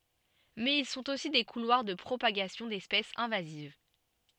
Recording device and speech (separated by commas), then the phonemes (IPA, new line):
soft in-ear microphone, read sentence
mɛz il sɔ̃t osi de kulwaʁ də pʁopaɡasjɔ̃ dɛspɛsz ɛ̃vaziv